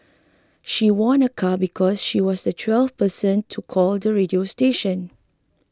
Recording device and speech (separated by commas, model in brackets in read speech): close-talking microphone (WH20), read sentence